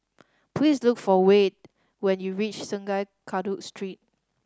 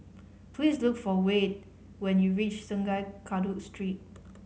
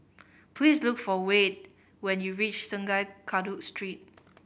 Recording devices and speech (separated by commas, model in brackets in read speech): standing microphone (AKG C214), mobile phone (Samsung C5010), boundary microphone (BM630), read sentence